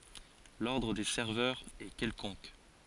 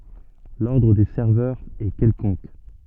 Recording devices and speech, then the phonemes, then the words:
forehead accelerometer, soft in-ear microphone, read sentence
lɔʁdʁ de sɛʁvœʁz ɛ kɛlkɔ̃k
L'ordre des serveurs est quelconque.

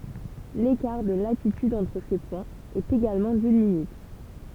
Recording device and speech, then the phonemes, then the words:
temple vibration pickup, read sentence
lekaʁ də latityd ɑ̃tʁ se pwɛ̃z ɛt eɡalmɑ̃ dyn minyt
L'écart de latitude entre ces points est également d'une minute.

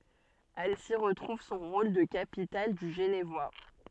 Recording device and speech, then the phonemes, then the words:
soft in-ear microphone, read sentence
ansi ʁətʁuv sɔ̃ ʁol də kapital dy ʒənvwa
Annecy retrouve son rôle de capitale du Genevois.

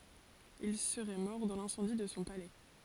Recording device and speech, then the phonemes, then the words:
forehead accelerometer, read sentence
il səʁɛ mɔʁ dɑ̃ lɛ̃sɑ̃di də sɔ̃ palɛ
Il serait mort dans l'incendie de son palais.

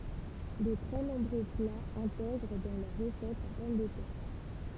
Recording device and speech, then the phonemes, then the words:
temple vibration pickup, read sentence
də tʁɛ nɔ̃bʁø plaz ɛ̃tɛɡʁ dɑ̃ lœʁ ʁəsɛt la pɔm də tɛʁ
De très nombreux plats intègrent dans leur recette la pomme de terre.

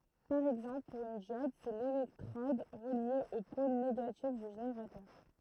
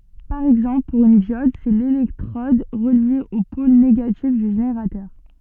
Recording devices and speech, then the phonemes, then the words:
throat microphone, soft in-ear microphone, read sentence
paʁ ɛɡzɑ̃pl puʁ yn djɔd sɛ lelɛktʁɔd ʁəlje o pol neɡatif dy ʒeneʁatœʁ
Par exemple, pour une diode, c'est l'électrode reliée au pôle négatif du générateur.

